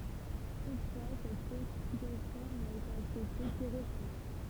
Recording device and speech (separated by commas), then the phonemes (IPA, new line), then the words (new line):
temple vibration pickup, read sentence
tutfwa sɛt klasifikasjɔ̃ na ete aksɛpte kə ʁesamɑ̃
Toutefois, cette classification n'a été acceptée que récemment.